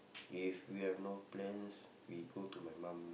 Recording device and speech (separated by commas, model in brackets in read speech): boundary microphone, conversation in the same room